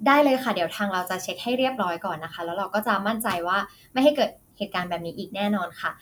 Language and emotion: Thai, neutral